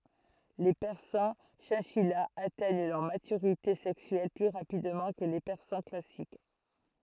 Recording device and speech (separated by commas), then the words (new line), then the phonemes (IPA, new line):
throat microphone, read sentence
Les persans chinchillas atteignent leur maturité sexuelle plus rapidement que les persans classiques.
le pɛʁsɑ̃ ʃɛ̃ʃijaz atɛɲ lœʁ matyʁite sɛksyɛl ply ʁapidmɑ̃ kə le pɛʁsɑ̃ klasik